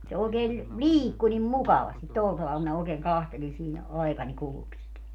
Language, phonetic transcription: Finnish, se 'ookeel , "liikku nim "mukavastit "tol taval minä ookeeŋ 'kahteli siinä , 'ai̮kań 'kuluks sit .
- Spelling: se oikein liikkui niin mukavasti tuolla tavalla minä oikein katselin siinä aikani kuluksi sitä

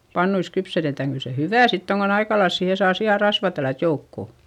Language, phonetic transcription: Finnish, pannuis kypsetetäŋ - kyl se hyvä̀ sitt ‿oŋ kon ‿aikalails siihe saa si₍a rasvà tällät joukko .
- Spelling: pannuissa kypsetetään kyllä se hyvää sitten on kun aika lailla siihen saa sian rasvaa tällätä joukkoon

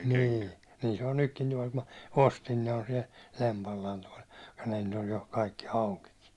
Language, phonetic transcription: Finnish, 'nii , nii se on 'nykki ni vᴀɪkkᴀ ma , 'ostin ne on siɛl , 'lempallaan toi , nähän nyt ‿oj jo , kaikki 'aukiki .
- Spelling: niin niin se on nytkin niin vaikka minä ostin ne on siellä lempallaan tuo nämähän nyt on jo kaikki aukikin

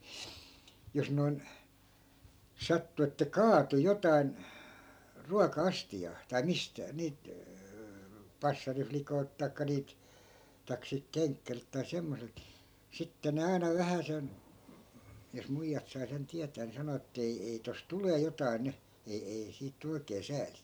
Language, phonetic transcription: Finnish, 'jos noi̮n , 'sattu että "kaatu 'jotain , "ruaka₍'astijaa , tai 'mistä- , nii(l)t , 'passariflikoi̮lt taikka 'niilt , taik silt 'keŋkkärilt tai 'semmoselt , sitte ne 'aina "vähäsen , jos 'muijjat sai sen 'tiätää ni 'sano ett‿ » ei 'ei , tos 'tulee jotai̮ "ny , 'ei ei 'siit tu 'oikee 'sääli » .
- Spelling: jos noin sattui että kaatui jotakin ruoka-astiaan tai - niiltä passarilikoilta tai niiltä tai siltä kenkkäriltä tai semmoiselta sitten ne aina vähäsen jos muijat sai sen tietää niin sanoi että ei ei tuossa tulee jotakin nyt ei ei siitä tule oikein sääli

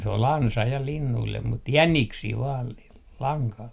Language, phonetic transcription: Finnish, se ‿o"l ‿ansa ja linnuillem mut "jäniksii vaal l - 'laŋkal .
- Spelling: se oli ansa ja linnuille mutta jäniksiä vain - langalla

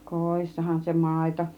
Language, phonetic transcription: Finnish, kòissahan se "màito .
- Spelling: kodissahan se maito

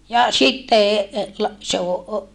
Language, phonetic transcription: Finnish, ja sitte , la- , se o ,.
- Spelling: ja sitten - se on

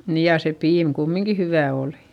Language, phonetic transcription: Finnish, niij ja se piim kummiŋki hyvä̀ òlI .
- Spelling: niin ja se piimä kumminkin hyvää oli

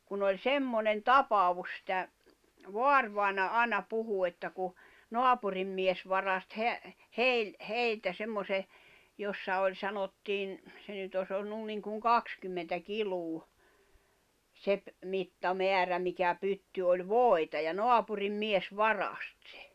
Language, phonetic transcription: Finnish, 'kun ‿oĺ "semmonen "tapavus sⁱtä , "voarvài̬na 'ài̬na 'puhu että ku , 'noapurim mies varast heä- , "heil- , 'heiltä 'semmose , 'jossa oĺ 'sanottiin , 'se nyt ‿os ‿ollun niŋkuŋ "kakskymmentä 'kiluu , se ‿p- , 'mitta'meärä mikä 'pytty oĺ "vòi̬ta ja 'noapurim 'mies "varast sᴇ .
- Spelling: kun oli semmoinen tapaus sitä vaarivainaja aina puhui että kun naapurin mies varasti - - heiltä semmoisen jossa oli sanottiin se nyt olisi ollut niin kuin kaksikymmentä kiloa se - mittamäärä mikä pytty oli voita ja naapurin mies varasti se

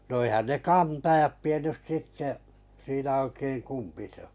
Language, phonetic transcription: Finnish, no 'eĭhän ne "kantajat 'tiennys 'sitte , siinä oikeiŋ "kumpi sᵉ ‿ᴏ .
- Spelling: no eihän ne kantajat tiennyt sitten siinä oikein kumpi se on

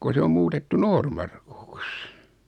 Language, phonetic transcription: Finnish, ko 'se o 'muutettu 'Noormarkuks .
- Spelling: kun se on muutettu Noormarkuksi

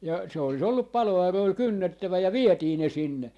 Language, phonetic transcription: Finnish, ja se ‿oli's ‿ollup "palo₍arroil "kynnettävä ja "vietii ne 'sinne .
- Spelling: ja se olisi ollut paloauroilla kynnettävä ja vietiin ne sinne

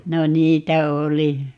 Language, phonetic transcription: Finnish, 'no "niitä 'oli .
- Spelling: no niitä oli

